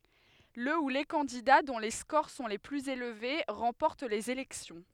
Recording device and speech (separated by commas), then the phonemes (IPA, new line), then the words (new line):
headset microphone, read sentence
lə u le kɑ̃dida dɔ̃ le skoʁ sɔ̃ le plyz elve ʁɑ̃pɔʁt lez elɛksjɔ̃
Le ou les candidats dont les scores sont les plus élevés remportent les élections.